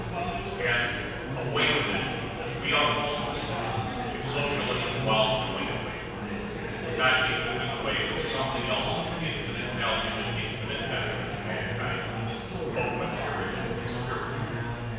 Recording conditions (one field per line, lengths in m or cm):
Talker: one person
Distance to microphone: 7.1 m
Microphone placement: far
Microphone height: 1.7 m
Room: very reverberant, large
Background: babble